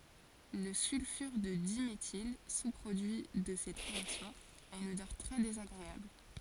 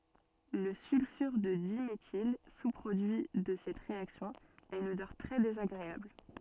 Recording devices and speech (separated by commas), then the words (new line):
forehead accelerometer, soft in-ear microphone, read sentence
Le sulfure de diméthyle, sous-produit de cette réaction, a une odeur très désagréable.